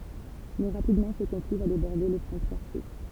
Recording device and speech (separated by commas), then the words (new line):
temple vibration pickup, read sentence
Mais, rapidement, ce conflit va déborder les frontières suisses.